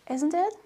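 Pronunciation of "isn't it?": The voice goes down on 'isn't it', so it is not a real question but an invitation to agree.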